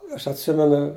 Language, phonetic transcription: Lithuanian, ˈaš atˈsimenu

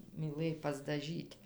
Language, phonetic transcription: Lithuanian, myˈlɘj pasdaˈžyt'

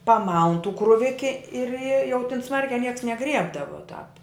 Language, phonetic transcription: Lithuanian, paˈmaun tų kruˈviki ir i jau tin ˈsmarkiā ˈnieks neˈgriebdava tāp

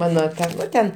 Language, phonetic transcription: Lithuanian, ˈmano ˈta ˈnu ten

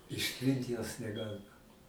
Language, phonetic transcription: Lithuanian, išˈtrint jos neˈgalima

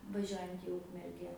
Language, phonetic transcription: Lithuanian, vaˈžiuojant į ˈukmerge

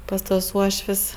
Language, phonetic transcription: Lithuanian, pas tuos ˈuoš'v's'

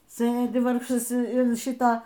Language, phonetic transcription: Lithuanian, ˈsɘdi ˈvargšas in ˈšita

